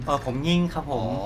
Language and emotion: Thai, neutral